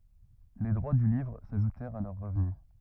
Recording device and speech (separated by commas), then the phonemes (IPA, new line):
rigid in-ear microphone, read sentence
le dʁwa dy livʁ saʒutɛʁt a lœʁ ʁəvny